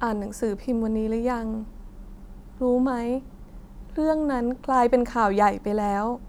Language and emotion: Thai, sad